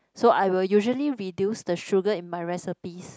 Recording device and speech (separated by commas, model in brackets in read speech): close-talking microphone, conversation in the same room